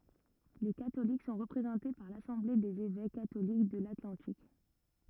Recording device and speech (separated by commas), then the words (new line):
rigid in-ear microphone, read sentence
Les catholiques sont représentés par l'Assemblée des évêques catholiques de l'Atlantique.